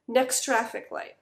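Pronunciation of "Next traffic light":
In 'next traffic light', the t in 'next' is nearly lost.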